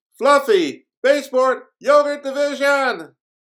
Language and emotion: English, surprised